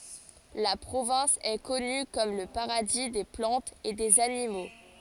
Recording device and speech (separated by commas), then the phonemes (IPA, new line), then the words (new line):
forehead accelerometer, read sentence
la pʁovɛ̃s ɛ kɔny kɔm lə paʁadi de plɑ̃tz e dez animo
La province est connue comme le paradis des plantes et des animaux.